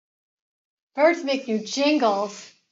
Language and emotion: English, happy